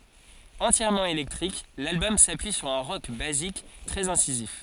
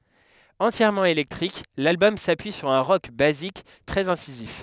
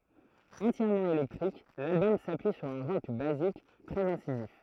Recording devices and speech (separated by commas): forehead accelerometer, headset microphone, throat microphone, read sentence